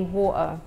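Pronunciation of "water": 'Water' is said with a glottal T.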